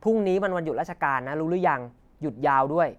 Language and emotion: Thai, neutral